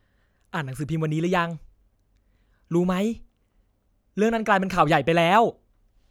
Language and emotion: Thai, happy